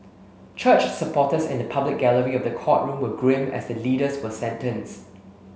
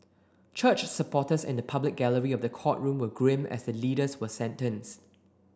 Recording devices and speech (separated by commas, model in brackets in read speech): mobile phone (Samsung S8), standing microphone (AKG C214), read sentence